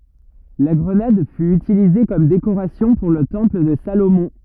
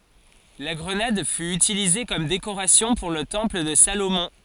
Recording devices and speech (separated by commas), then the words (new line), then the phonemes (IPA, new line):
rigid in-ear microphone, forehead accelerometer, read sentence
La grenade fut utilisée comme décoration pour le temple de Salomon.
la ɡʁənad fy ytilize kɔm dekoʁasjɔ̃ puʁ lə tɑ̃pl də salomɔ̃